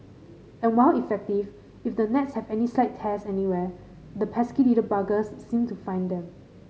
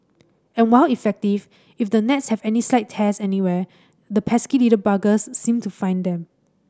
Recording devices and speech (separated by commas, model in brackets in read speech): mobile phone (Samsung C5010), standing microphone (AKG C214), read sentence